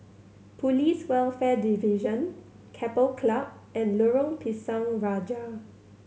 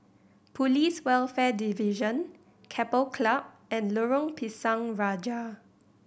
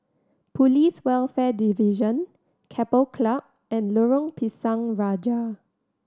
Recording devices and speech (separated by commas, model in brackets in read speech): mobile phone (Samsung C7100), boundary microphone (BM630), standing microphone (AKG C214), read sentence